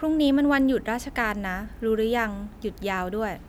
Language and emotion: Thai, neutral